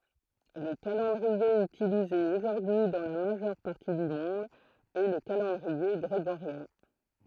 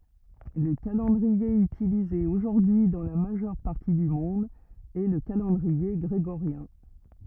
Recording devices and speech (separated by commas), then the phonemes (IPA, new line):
throat microphone, rigid in-ear microphone, read sentence
lə kalɑ̃dʁie ytilize oʒuʁdyi dɑ̃ la maʒœʁ paʁti dy mɔ̃d ɛ lə kalɑ̃dʁie ɡʁeɡoʁjɛ̃